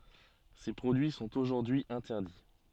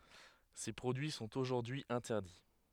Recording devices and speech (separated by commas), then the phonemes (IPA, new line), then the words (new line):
soft in-ear microphone, headset microphone, read sentence
se pʁodyi sɔ̃t oʒuʁdyi ɛ̃tɛʁdi
Ces produits sont aujourd'hui interdits.